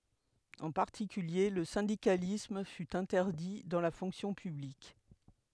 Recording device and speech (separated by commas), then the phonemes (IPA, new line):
headset microphone, read sentence
ɑ̃ paʁtikylje lə sɛ̃dikalism fy ɛ̃tɛʁdi dɑ̃ la fɔ̃ksjɔ̃ pyblik